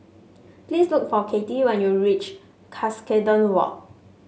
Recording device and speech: mobile phone (Samsung S8), read sentence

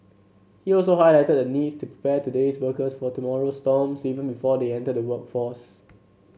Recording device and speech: mobile phone (Samsung C7), read sentence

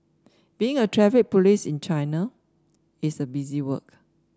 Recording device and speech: standing microphone (AKG C214), read sentence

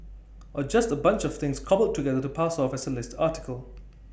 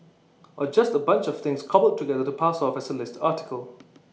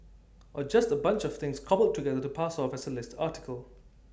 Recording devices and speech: boundary microphone (BM630), mobile phone (iPhone 6), standing microphone (AKG C214), read sentence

